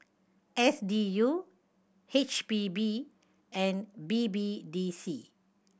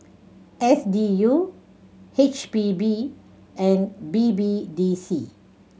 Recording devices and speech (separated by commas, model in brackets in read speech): boundary microphone (BM630), mobile phone (Samsung C7100), read sentence